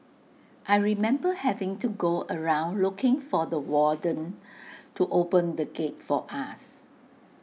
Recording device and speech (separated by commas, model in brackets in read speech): mobile phone (iPhone 6), read sentence